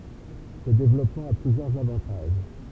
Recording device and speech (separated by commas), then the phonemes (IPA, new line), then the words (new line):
temple vibration pickup, read sentence
sə devlɔpmɑ̃ a plyzjœʁz avɑ̃taʒ
Ce développement a plusieurs avantages.